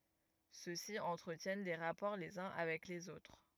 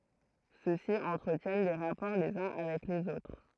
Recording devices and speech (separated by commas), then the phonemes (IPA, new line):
rigid in-ear microphone, throat microphone, read sentence
sø si ɑ̃tʁətjɛn de ʁapɔʁ lez œ̃ avɛk lez otʁ